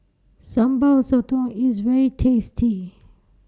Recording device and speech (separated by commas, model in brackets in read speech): standing microphone (AKG C214), read sentence